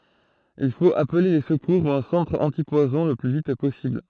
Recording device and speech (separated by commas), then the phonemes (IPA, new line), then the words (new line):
throat microphone, read sentence
il fot aple le səkuʁ u œ̃ sɑ̃tʁ ɑ̃tipwazɔ̃ lə ply vit pɔsibl
Il faut appeler les secours ou un centre antipoison le plus vite possible.